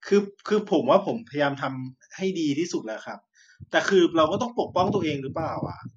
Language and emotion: Thai, frustrated